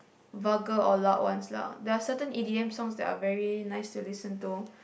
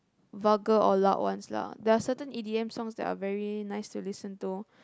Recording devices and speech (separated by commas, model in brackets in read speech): boundary microphone, close-talking microphone, conversation in the same room